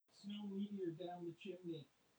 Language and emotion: English, fearful